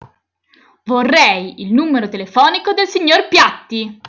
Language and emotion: Italian, angry